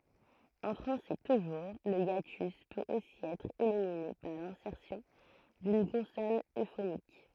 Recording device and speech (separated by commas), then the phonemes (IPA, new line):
throat microphone, read sentence
ɑ̃ fʁɑ̃sɛ tuʒuʁ lə jatys pøt osi ɛtʁ elimine paʁ lɛ̃sɛʁsjɔ̃ dyn kɔ̃sɔn øfonik